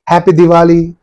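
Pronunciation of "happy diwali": The voice falls at the end of 'happy diwali'.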